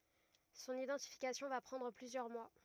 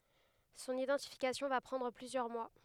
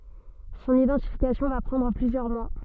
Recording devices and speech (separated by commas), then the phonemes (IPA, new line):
rigid in-ear microphone, headset microphone, soft in-ear microphone, read sentence
sɔ̃n idɑ̃tifikasjɔ̃ va pʁɑ̃dʁ plyzjœʁ mwa